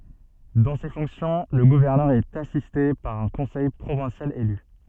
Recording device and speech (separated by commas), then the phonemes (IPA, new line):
soft in-ear microphone, read sentence
dɑ̃ se fɔ̃ksjɔ̃ lə ɡuvɛʁnœʁ ɛt asiste paʁ œ̃ kɔ̃sɛj pʁovɛ̃sjal ely